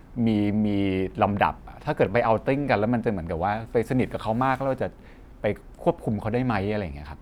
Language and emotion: Thai, neutral